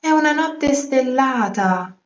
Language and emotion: Italian, surprised